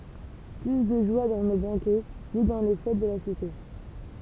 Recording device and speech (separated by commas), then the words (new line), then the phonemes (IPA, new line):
temple vibration pickup, read sentence
Plus de joie dans nos banquets, ni dans les fêtes de la cité.
ply də ʒwa dɑ̃ no bɑ̃kɛ ni dɑ̃ le fɛt də la site